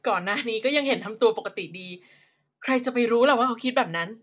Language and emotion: Thai, happy